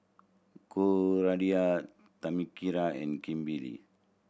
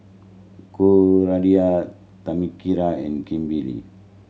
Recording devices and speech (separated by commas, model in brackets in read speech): boundary microphone (BM630), mobile phone (Samsung C7100), read sentence